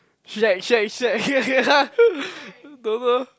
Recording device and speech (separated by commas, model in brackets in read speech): close-talking microphone, conversation in the same room